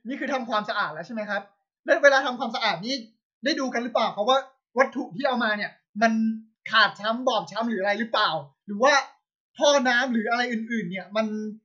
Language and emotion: Thai, angry